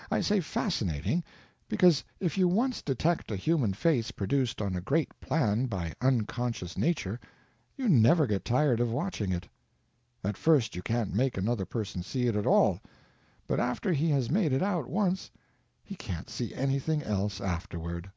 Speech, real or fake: real